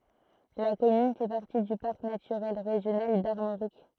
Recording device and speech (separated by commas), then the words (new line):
throat microphone, read sentence
La commune fait partie du Parc naturel régional d'Armorique.